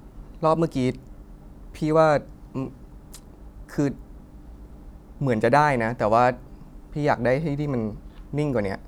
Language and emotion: Thai, frustrated